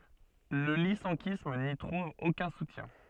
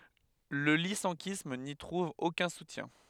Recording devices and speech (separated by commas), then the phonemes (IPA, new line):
soft in-ear microphone, headset microphone, read sentence
lə lisɑ̃kism ni tʁuv okœ̃ sutjɛ̃